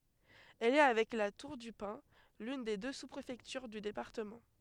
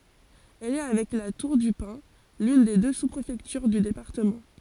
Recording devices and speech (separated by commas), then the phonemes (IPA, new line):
headset microphone, forehead accelerometer, read sentence
ɛl ɛ avɛk la tuʁ dy pɛ̃ lyn de dø su pʁefɛktyʁ dy depaʁtəmɑ̃